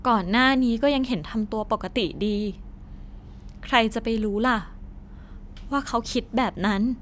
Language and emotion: Thai, frustrated